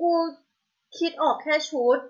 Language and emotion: Thai, neutral